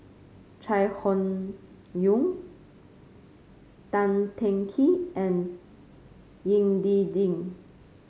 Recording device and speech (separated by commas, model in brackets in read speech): mobile phone (Samsung C5), read sentence